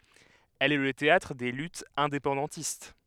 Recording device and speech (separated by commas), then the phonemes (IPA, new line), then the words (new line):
headset microphone, read sentence
ɛl ɛ lə teatʁ de lytz ɛ̃depɑ̃dɑ̃tist
Elle est le théâtre des luttes indépendantistes.